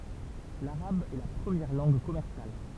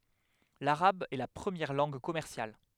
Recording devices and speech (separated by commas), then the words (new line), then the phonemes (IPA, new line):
temple vibration pickup, headset microphone, read sentence
L'arabe est la première langue commerciale.
laʁab ɛ la pʁəmjɛʁ lɑ̃ɡ kɔmɛʁsjal